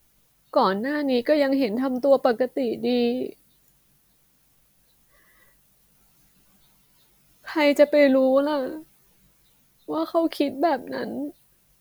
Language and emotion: Thai, sad